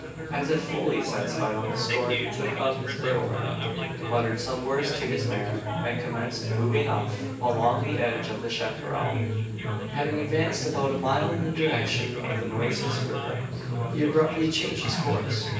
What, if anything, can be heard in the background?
Crowd babble.